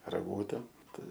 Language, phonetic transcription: Lithuanian, raˈgūtem ˈtai

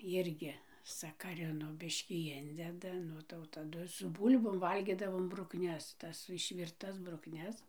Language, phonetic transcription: Lithuanian, ˈjirgi sakaˈrino ˈbiškį ˈindeda ˈnu tai jau taˈdu su ˈbūl'bom ˈvalgidavom brukˈnes ˈtas išvirˈtas brukˈnes

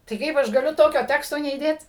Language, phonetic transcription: Lithuanian, tai ˈkaip aš gaˈliu ˈtokio ˈteksto neįˈdėt

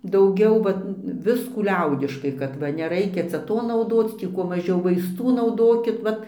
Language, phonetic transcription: Lithuanian, dauˈgiau ˈvat ˈviskų ˈliaudiškai kad ˈva neˈraikia ˈcia ˈto nauˈdoc ˈtį kuo maˈžiau vaisˈtų nauˈdokit ˈvat

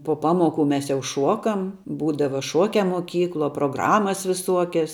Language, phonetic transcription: Lithuanian, po ˈpamoˌku mes jau ˈšuokam ˈbūdava ˈšuokia muoˈkykluo proˈgramas viˈsuokias

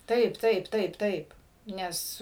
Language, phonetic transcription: Lithuanian, ˈtaip ˈtaip ˈtaip ˈtaip ˈnes

